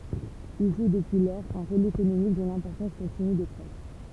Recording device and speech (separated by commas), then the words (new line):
temple vibration pickup, read sentence
Il joue depuis lors un rôle économique dont l'importance continue de croître.